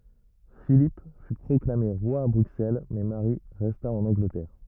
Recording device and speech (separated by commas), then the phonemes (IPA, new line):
rigid in-ear microphone, read sentence
filip fy pʁɔklame ʁwa a bʁyksɛl mɛ maʁi ʁɛsta ɑ̃n ɑ̃ɡlətɛʁ